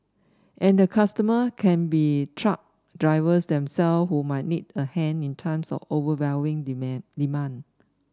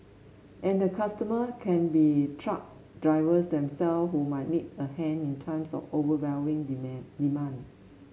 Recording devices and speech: standing microphone (AKG C214), mobile phone (Samsung S8), read sentence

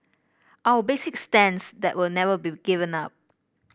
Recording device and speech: boundary microphone (BM630), read sentence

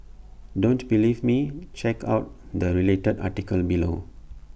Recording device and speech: boundary microphone (BM630), read sentence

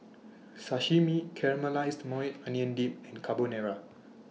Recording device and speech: mobile phone (iPhone 6), read sentence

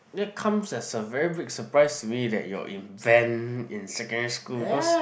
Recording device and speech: boundary microphone, conversation in the same room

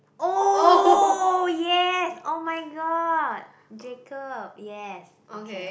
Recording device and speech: boundary microphone, conversation in the same room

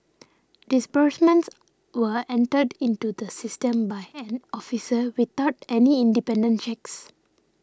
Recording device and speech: standing microphone (AKG C214), read sentence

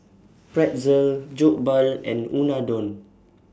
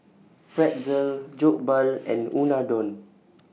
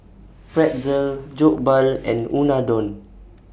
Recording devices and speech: standing microphone (AKG C214), mobile phone (iPhone 6), boundary microphone (BM630), read sentence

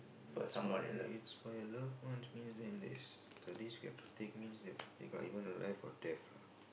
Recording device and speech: boundary microphone, conversation in the same room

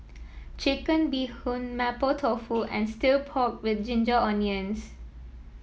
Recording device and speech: mobile phone (iPhone 7), read sentence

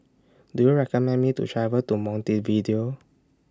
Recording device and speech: standing microphone (AKG C214), read sentence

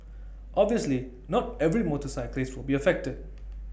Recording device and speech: boundary microphone (BM630), read sentence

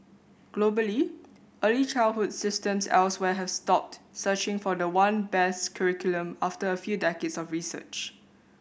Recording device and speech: boundary microphone (BM630), read sentence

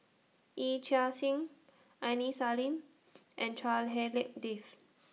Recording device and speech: mobile phone (iPhone 6), read sentence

